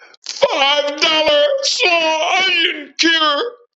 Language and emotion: English, fearful